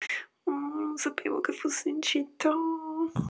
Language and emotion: Italian, sad